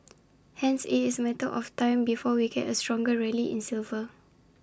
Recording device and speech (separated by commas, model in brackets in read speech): standing microphone (AKG C214), read sentence